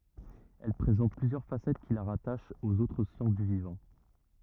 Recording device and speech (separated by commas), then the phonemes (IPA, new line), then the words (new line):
rigid in-ear microphone, read sentence
ɛl pʁezɑ̃t plyzjœʁ fasɛt ki la ʁataʃt oz otʁ sjɑ̃s dy vivɑ̃
Elle présente plusieurs facettes qui la rattachent aux autres sciences du vivant.